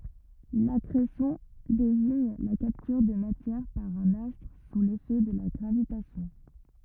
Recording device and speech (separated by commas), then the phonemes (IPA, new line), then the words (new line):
rigid in-ear microphone, read sentence
lakʁesjɔ̃ deziɲ la kaptyʁ də matjɛʁ paʁ œ̃n astʁ su lefɛ də la ɡʁavitasjɔ̃
L'accrétion désigne la capture de matière par un astre sous l'effet de la gravitation.